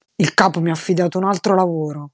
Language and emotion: Italian, angry